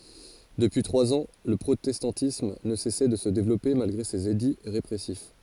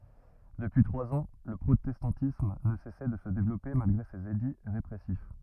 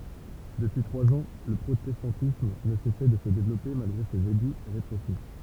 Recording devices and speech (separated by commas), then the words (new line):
forehead accelerometer, rigid in-ear microphone, temple vibration pickup, read sentence
Depuis trois ans, le protestantisme ne cessait de se développer malgré ses édits répressifs.